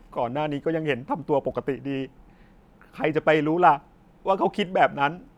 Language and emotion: Thai, sad